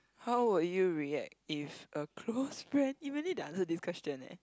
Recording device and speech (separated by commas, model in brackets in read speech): close-talking microphone, conversation in the same room